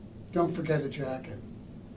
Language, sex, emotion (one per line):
English
male
neutral